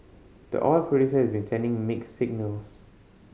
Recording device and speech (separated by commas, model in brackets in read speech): mobile phone (Samsung C5010), read sentence